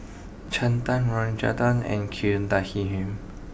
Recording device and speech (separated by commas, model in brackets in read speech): boundary microphone (BM630), read sentence